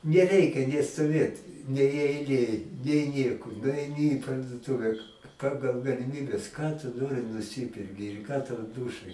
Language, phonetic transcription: Lithuanian, neˈreikia nė stoˈvėt nei eiˈlėj nei ˈnieko nuaiˈni į parduoˈtuve ˈpagal galiˈmybes ką tu ˈnori nuˈsiperki ir ką tau ˈdūšaj

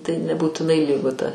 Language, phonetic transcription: Lithuanian, tai nebūtiˈnai ˈlygu ta

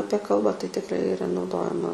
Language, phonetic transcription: Lithuanian, ˈapie ˈkalbą tai tiˈkrai iˈra nauˈdojama

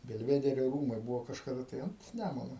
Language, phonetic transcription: Lithuanian, belˈvederio ˈrūmai ˈbuvo kažkaˈda tai ant ˈnæmunu

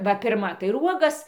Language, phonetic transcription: Lithuanian, ˈva ˈpirma tai ir ˈuogas

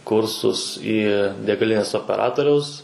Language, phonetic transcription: Lithuanian, ˈkursus į degaˈlinės opeˈratoriaus

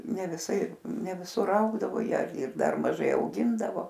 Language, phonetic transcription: Lithuanian, ne viˈsai ne viˈsur ˈaugdavo ˈjie ar ir ˈdar maˈžai auˈgindavo

